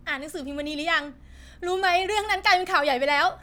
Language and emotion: Thai, happy